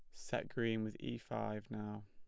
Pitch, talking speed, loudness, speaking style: 105 Hz, 195 wpm, -42 LUFS, plain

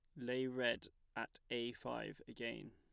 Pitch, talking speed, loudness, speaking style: 120 Hz, 145 wpm, -44 LUFS, plain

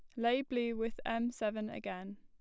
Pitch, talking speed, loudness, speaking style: 230 Hz, 180 wpm, -37 LUFS, plain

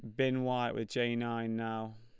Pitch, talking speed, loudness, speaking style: 115 Hz, 200 wpm, -34 LUFS, Lombard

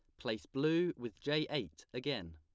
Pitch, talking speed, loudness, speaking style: 130 Hz, 165 wpm, -38 LUFS, plain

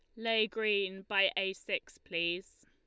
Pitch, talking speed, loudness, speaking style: 200 Hz, 145 wpm, -33 LUFS, Lombard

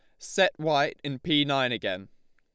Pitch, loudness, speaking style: 135 Hz, -26 LUFS, Lombard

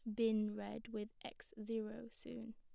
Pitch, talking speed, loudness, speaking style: 225 Hz, 155 wpm, -44 LUFS, plain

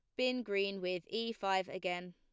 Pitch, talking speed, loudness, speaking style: 195 Hz, 185 wpm, -37 LUFS, plain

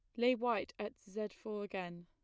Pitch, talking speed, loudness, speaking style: 210 Hz, 195 wpm, -39 LUFS, plain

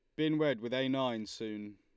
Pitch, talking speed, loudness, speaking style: 125 Hz, 230 wpm, -34 LUFS, Lombard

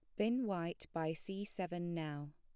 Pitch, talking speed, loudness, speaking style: 175 Hz, 165 wpm, -41 LUFS, plain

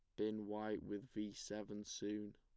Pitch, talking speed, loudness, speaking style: 105 Hz, 165 wpm, -46 LUFS, plain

